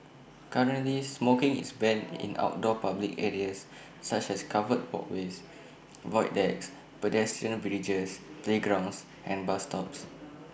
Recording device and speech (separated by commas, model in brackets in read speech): boundary microphone (BM630), read sentence